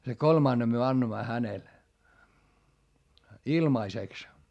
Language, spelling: Finnish, sen kolmannen me annoimme hänelle ilmaiseksi
- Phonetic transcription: se kolmànnem myö annoⁱmma hänel , ilmaiseks .

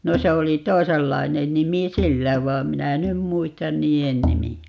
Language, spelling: Finnish, no se oli toisenlainen nimi sillä vaan minä en nyt muista niiden nimiä
- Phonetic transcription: no 'se 'oli "toisellai̮nen 'nimi "sillä 'vaam "minä e 'nym "muistan "nii₍en 'nimi₍ä .

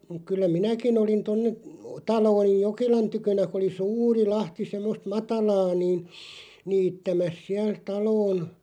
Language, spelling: Finnish, kyllä minäkin olin tuonne talo oli Jokelan tykönä kun oli suuri lahti semmoista matalaa niin niittämässä siellä taloon
- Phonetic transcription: 'kyllä "minäkin ‿olin tonne , 'talo oli "Jok(e)lan 'tykönä ku oli "sûri 'lahti 'semmost "matalaa niin , "niittämäs 'siäl 'taloon ,.

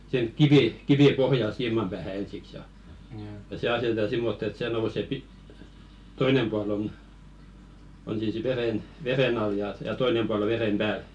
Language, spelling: Finnish, siihen kivi kivi pohjalle siiman päähän ensiksi ja ja se asetetaan semmottoon että se nousee - toinen puoli on on siis veden veden alla ja ja toinen puoli on veden päällä
- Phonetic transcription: sⁱʰeŋ "kivì , 'kivì "pohjal 'siimam päähä ensiks ja , ja 'se aseteta "simmott ‿et 'sè nouse "pi- , "toinem pual ‿on , on siis 'veðen , "veðen ‿al ja ja "toinem pual ‿o 'veðem "ʙääl .

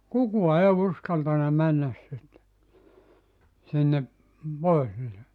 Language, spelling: Finnish, kukaan ei uskaltanut mennä sinne sinne pohjille
- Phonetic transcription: 'kukua 'ee 'uskaltana 'männäs sinne , sinne , ('pohjille) .

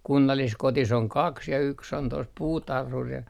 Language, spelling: Finnish, kunnalliskodissa on kaksi ja yksi on tuossa puutarhuri ja
- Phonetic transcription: 'kunnalliskotis ‿oŋ "kaks ja 'yks ‿on tos "puutarhur ja ,.

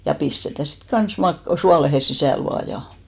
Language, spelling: Finnish, ja pistetään sitten kanssa - suoleen sisälle vain ja
- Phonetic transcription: ja 'pistetä sit "kan̬s 'mak- , 'sualehe 'sisä̀l 'vaa ja .

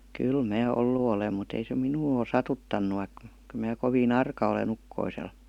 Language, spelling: Finnish, kyllä minä ollut olen mutta ei se minua ole satuttanut vaikka kyllä minä kovin arka olen ukkoselle
- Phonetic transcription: kyl mää 'ollu olem mu't ‿ei se "minuu ò 'satuttannu vaik- , kyˡ mää 'kovii"n ‿arka ole'n ‿ukkoisel .

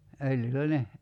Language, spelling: Finnish, öljyllä ne
- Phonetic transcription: 'öljyl̆lä "ne ,.

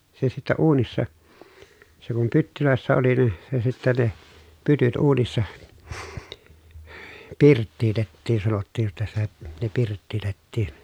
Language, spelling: Finnish, se sitten uunissa se kun pytyissä oli niin se sitten ne pytyt uunissa pirttiitettiin sanottiin jotta sitä ne pirttiitettiin
- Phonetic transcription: se sittɛ uunissa , se kum pyttylö̀essä oli nin̬ , se sittä ne , pytyt uunissa , pirttiitettiin sanottiij jotta sitä , ne pirttiitettiin .

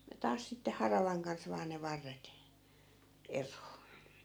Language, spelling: Finnish, ja taas sitten haravan kanssa vain ne varret eroon
- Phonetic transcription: ja 'taas sitte 'haravaŋ kans vaa ne 'varret , "er̀oo .

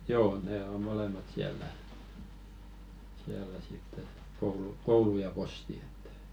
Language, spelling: Finnish, joo ne on molemmat siellä siellä sitten että koulu koulu ja posti että
- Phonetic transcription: "joo 'ne 'o 'molemat siäl̆lä , 'siällä sitt ‿et , koulu "koulu ja 'posti ᴇttᴀ̈ .

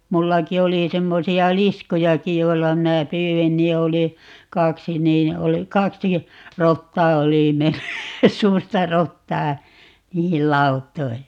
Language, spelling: Finnish, minullakin oli semmoisia liskojakin joilla minä pyysin niin oli kaksi niin oli kaksi rottaa oli mennyt suurta rottaa niihin lauttoihin
- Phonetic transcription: 'mullaki 'oli 'semmosi₍a "liskujaki 'joilla 'minä "pyywin ni 'oli , 'kaksi 'niin 'oli "kaksi , 'rottaa 'oli 'menny , "suurta 'rottaa , 'niihil "laut̆toi .

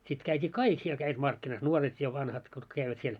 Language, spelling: Finnish, sitten käytiin kaikki siellä kävivät markkinassa nuoret ja vanhat kutka kävivät siellä
- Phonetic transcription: sit käit́i "kaik siel käivät 'markkinas 'nuoret ja 'vanhat kutk käivät 'siel .

